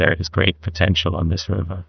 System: TTS, neural waveform model